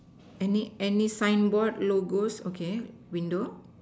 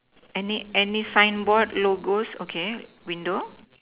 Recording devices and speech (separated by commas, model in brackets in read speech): standing microphone, telephone, conversation in separate rooms